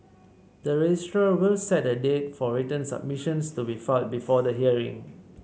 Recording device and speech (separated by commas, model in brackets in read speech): mobile phone (Samsung C7), read sentence